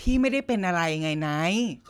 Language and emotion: Thai, frustrated